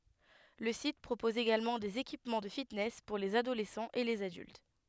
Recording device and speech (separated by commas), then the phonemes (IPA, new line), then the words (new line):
headset microphone, read sentence
lə sit pʁopɔz eɡalmɑ̃ dez ekipmɑ̃ də fitnɛs puʁ lez adolɛsɑ̃z e lez adylt
Le site propose également des équipements de fitness pour les adolescents et les adultes.